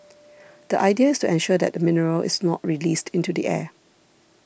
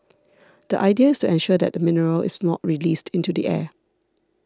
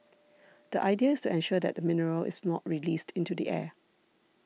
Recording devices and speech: boundary microphone (BM630), standing microphone (AKG C214), mobile phone (iPhone 6), read sentence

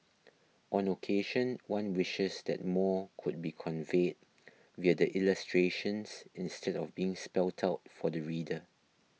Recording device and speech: mobile phone (iPhone 6), read sentence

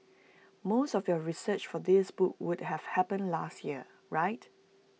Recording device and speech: mobile phone (iPhone 6), read sentence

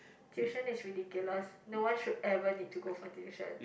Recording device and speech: boundary microphone, conversation in the same room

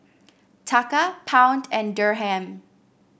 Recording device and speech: boundary microphone (BM630), read sentence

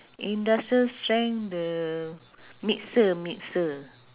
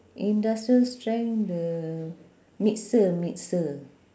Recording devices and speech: telephone, standing microphone, conversation in separate rooms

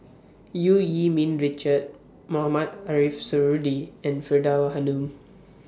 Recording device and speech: standing microphone (AKG C214), read sentence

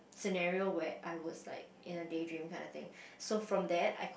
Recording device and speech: boundary microphone, conversation in the same room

